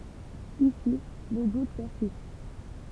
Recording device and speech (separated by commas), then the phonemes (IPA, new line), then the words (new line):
temple vibration pickup, read sentence
isi lə dut pɛʁsist
Ici, le doute persiste.